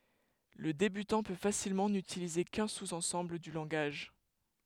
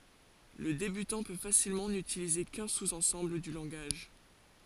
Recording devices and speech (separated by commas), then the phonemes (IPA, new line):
headset microphone, forehead accelerometer, read sentence
lə debytɑ̃ pø fasilmɑ̃ nytilize kœ̃ suz ɑ̃sɑ̃bl dy lɑ̃ɡaʒ